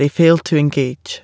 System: none